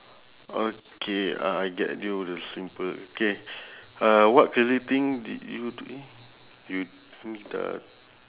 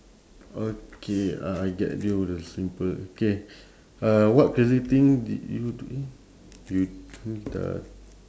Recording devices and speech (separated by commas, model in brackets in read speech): telephone, standing microphone, conversation in separate rooms